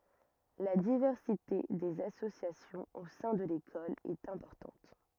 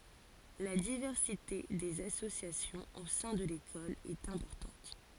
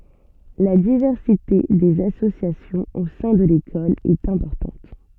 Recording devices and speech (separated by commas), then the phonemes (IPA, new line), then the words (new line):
rigid in-ear microphone, forehead accelerometer, soft in-ear microphone, read sentence
la divɛʁsite dez asosjasjɔ̃z o sɛ̃ də lekɔl ɛt ɛ̃pɔʁtɑ̃t
La diversité des associations au sein de l'école est importante.